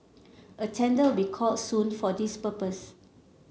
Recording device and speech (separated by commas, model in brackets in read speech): mobile phone (Samsung C7), read sentence